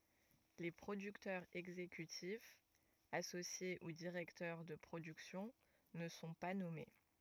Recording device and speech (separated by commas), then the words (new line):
rigid in-ear microphone, read sentence
Les producteurs exécutifs, associés ou directeurs de production ne sont pas nommés.